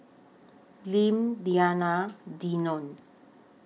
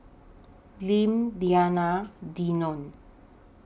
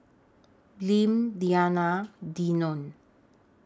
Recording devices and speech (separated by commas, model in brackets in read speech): mobile phone (iPhone 6), boundary microphone (BM630), standing microphone (AKG C214), read sentence